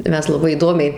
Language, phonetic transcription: Lithuanian, ˈmes laˈbai įˈdomiai

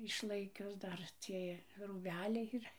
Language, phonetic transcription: Lithuanian, išˈlaikius ˈdar ˈciej rūˈbeliai yˈra

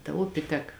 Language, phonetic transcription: Lithuanian, ta ˈupi ˈtek

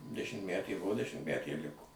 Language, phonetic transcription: Lithuanian, dešimtˈmætė ˈbuvo dešimtˈmætė ir ˈliko

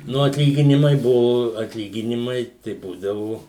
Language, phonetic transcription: Lithuanian, ˈnu atˈlyginimai ˈbuvo atˈlyginimai tai ˈbūdavu

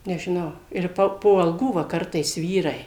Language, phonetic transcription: Lithuanian, nežiˈnau ir ˈpa po alˈgų ˈva ˈkartais ˈvyrai

